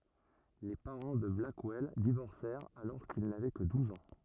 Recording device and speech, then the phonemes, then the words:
rigid in-ear microphone, read sentence
le paʁɑ̃ də blakwɛl divɔʁsɛʁt alɔʁ kil navɛ kə duz ɑ̃
Les parents de Blackwell divorcèrent alors qu'il n'avait que douze ans.

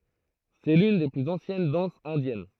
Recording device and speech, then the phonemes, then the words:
throat microphone, read sentence
sɛ lyn de plyz ɑ̃sjɛn dɑ̃sz ɛ̃djɛn
C'est l'une des plus anciennes danses indiennes.

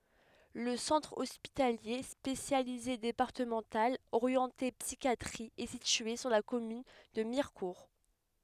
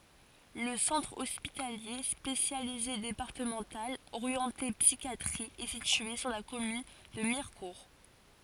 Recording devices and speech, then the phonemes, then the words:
headset microphone, forehead accelerometer, read sentence
lə sɑ̃tʁ ɔspitalje spesjalize depaʁtəmɑ̃tal oʁjɑ̃te psikjatʁi ɛ sitye syʁ la kɔmyn də miʁkuʁ
Le Centre hospitalier spécialisé départemental orienté psychiatrie est situé sur la commune de Mirecourt.

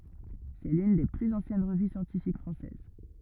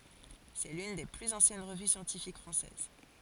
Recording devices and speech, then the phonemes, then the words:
rigid in-ear microphone, forehead accelerometer, read sentence
sɛ lyn de plyz ɑ̃sjɛn ʁəvy sjɑ̃tifik fʁɑ̃sɛz
C'est l'une des plus anciennes revues scientifiques françaises.

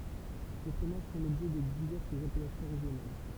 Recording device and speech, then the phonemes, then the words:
temple vibration pickup, read sentence
se fʁomaʒ fɔ̃ lɔbʒɛ də divɛʁsz apɛlasjɔ̃ ʁeʒjonal
Ces fromages font l'objet de diverses appellations régionales.

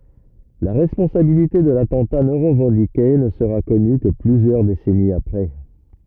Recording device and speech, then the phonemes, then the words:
rigid in-ear microphone, read sentence
la ʁɛspɔ̃sabilite də latɑ̃ta nɔ̃ ʁəvɑ̃dike nə səʁa kɔny kə plyzjœʁ desɛniz apʁɛ
La responsabilité de l'attentat non revendiqué ne sera connue que plusieurs décennies après.

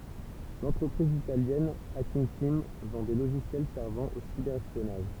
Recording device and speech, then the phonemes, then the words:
temple vibration pickup, read sentence
lɑ̃tʁəpʁiz italjɛn akinɡ tim vɑ̃ de loʒisjɛl sɛʁvɑ̃ o sibɛʁ ɛspjɔnaʒ
L’entreprise italienne Hacking Team vend des logiciels servant au cyber-espionnage.

